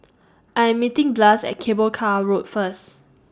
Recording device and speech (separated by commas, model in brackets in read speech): standing microphone (AKG C214), read sentence